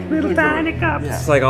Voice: speaking high pitched